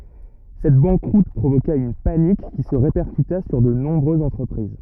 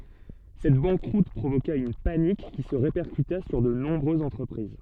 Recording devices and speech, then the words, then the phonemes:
rigid in-ear microphone, soft in-ear microphone, read sentence
Cette banqueroute provoqua une panique qui se répercuta sur de nombreuses entreprises.
sɛt bɑ̃kʁut pʁovoka yn panik ki sə ʁepɛʁkyta syʁ də nɔ̃bʁøzz ɑ̃tʁəpʁiz

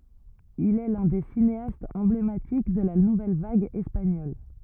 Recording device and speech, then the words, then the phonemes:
rigid in-ear microphone, read sentence
Il est l'un des cinéastes emblématiques de la nouvelle vague espagnole.
il ɛ lœ̃ de sineastz ɑ̃blematik də la nuvɛl vaɡ ɛspaɲɔl

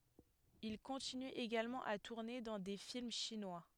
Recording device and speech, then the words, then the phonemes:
headset microphone, read sentence
Il continue également à tourner dans des films chinois.
il kɔ̃tiny eɡalmɑ̃ a tuʁne dɑ̃ de film ʃinwa

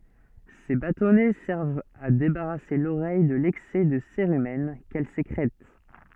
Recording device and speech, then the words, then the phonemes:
soft in-ear microphone, read sentence
Ces bâtonnets servent à débarrasser l'oreille de l'excès de cérumen qu'elle sécrète.
se batɔnɛ sɛʁvt a debaʁase loʁɛj də lɛksɛ də seʁymɛn kɛl sekʁɛt

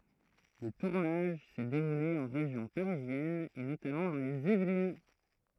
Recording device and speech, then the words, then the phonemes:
throat microphone, read sentence
Le tournage s'est déroulé en région parisienne et notamment dans les Yvelines.
lə tuʁnaʒ sɛ deʁule ɑ̃ ʁeʒjɔ̃ paʁizjɛn e notamɑ̃ dɑ̃ lez ivlin

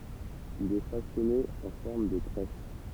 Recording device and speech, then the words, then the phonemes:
temple vibration pickup, read sentence
Il est façonné en forme de tresse.
il ɛ fasɔne ɑ̃ fɔʁm də tʁɛs

